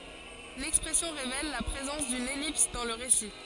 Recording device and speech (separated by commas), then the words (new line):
forehead accelerometer, read sentence
L'expression révèle la présence d'une ellipse dans le récit.